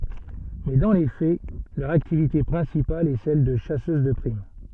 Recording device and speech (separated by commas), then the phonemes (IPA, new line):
soft in-ear microphone, read sentence
mɛ dɑ̃ le fɛ lœʁ aktivite pʁɛ̃sipal ɛ sɛl də ʃasøz də pʁim